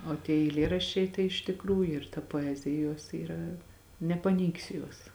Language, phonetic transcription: Lithuanian, o tie eiˈlėraščiai tai iš tikˈrųju ir ta poˈezija ˈjos yˈra nepaˈneigsi ˈjuos

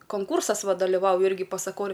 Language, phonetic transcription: Lithuanian, konˈkūrsas ˈva daliˈvauju ˈirgi pasaˈkoriu

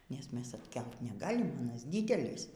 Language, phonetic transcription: Lithuanian, nes ˈmes atˈkelt neˈgalim aˈnas ˈdydelis

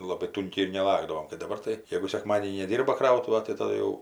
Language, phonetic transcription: Lithuanian, ˈlabai ˈtunkiai ir neˈlakdavom kai daˈbar tai ˈjėgu sekˈmadėnį neˈdyrba ˈkrautuva tai taˈdu jau

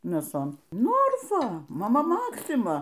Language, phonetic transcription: Lithuanian, mėˈson ˈnorfa maˈma ˈmaksima

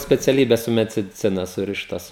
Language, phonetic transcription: Lithuanian, speciaˈlybes su mediˈcina ˈsurištas

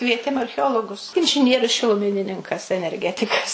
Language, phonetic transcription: Lithuanian, ˈkvietėm archeˈologus inžiˈnierius šiluˈminininkas enerˈgetikas

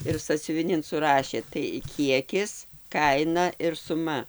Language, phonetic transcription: Lithuanian, ir sąsiuviˈnin suˈrašė tai ˈkiekis ˈkaina ir suˈma

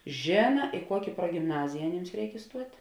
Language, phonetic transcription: Lithuanian, ˈžėna i ˈkuoki pruogimˈnazija aˈnyms ˈreik iˈstuot'

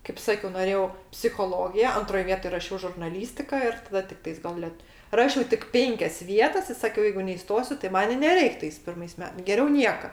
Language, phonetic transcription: Lithuanian, kaip ˈsakiau noˈrėjau psichoˈlogija ˈantroj ˈvietoj raˈšiau žurnaˈlystika ir taˈda tikˈtais gal ˈlet ˈrašiau tik ˈpenkias ˈvietas i ˈsakiau ˈjeigu neiˈstosiu tai ˈman i neˈreik tais ˈpirmais ˈme geˈriau ˈnieka

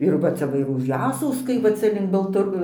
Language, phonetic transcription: Lithuanian, ir ˈva ˈcia va už ˈjasauskai va ˈca link baltaˈr

